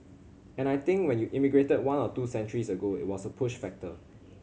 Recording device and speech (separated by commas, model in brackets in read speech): mobile phone (Samsung C7100), read sentence